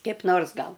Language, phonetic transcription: Lithuanian, keip ˈnors ˈgal

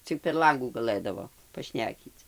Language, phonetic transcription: Lithuanian, ˈcik per ˈlangų gaˈlɘdavo paˈšnekyc

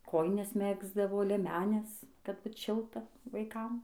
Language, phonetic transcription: Lithuanian, ˈkojines ˈmegzdavo lieˈmenes kad ˈbut ˈšilta vaiˈkam

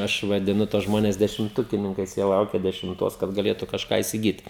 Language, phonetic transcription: Lithuanian, ˈaš vadiˈnu tuos ˈžmones dešimˈtukininkais ˈjie ˈlaukia dešimˈtos kad gaˈlėtu kažˈką isiˈgyt

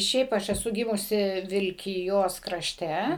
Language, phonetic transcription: Lithuanian, ˈšiaip ˈaš eˈsu ˈgimusi vilkiˈjos kraˈšte

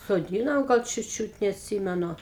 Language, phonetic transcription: Lithuanian, soˈdynome ˈgal ˈčiūt ˈčiūt neatˈsymenu

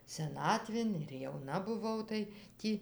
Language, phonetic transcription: Lithuanian, seˈnatvėn ir jauˈna buˈvau tai ˈtį

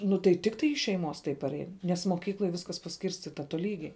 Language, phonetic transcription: Lithuanian, nu tai ˈtiktai iš šeiˈmos tai paˈrein nes moˈkykloj ˈviskas paˈskyrstita toˈlygiai

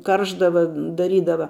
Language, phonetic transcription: Lithuanian, ˈkaršdava daˈrydava

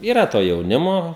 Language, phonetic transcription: Lithuanian, yˈra to jauˈnimo

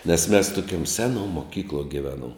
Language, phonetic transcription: Lithuanian, nes mes toˈkiuom ˈseˌnuo moˈkykluo giˈveˌnuom

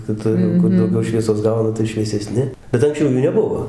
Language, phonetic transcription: Lithuanian, kiˈtur jau ˈkur dauˈgiau ˈšviesos ˈgauna tai švieseˈsni bet anksˈčiau ˈjų neˈbuvo

